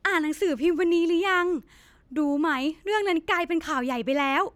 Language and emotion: Thai, happy